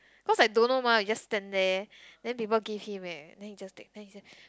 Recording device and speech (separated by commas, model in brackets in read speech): close-talking microphone, conversation in the same room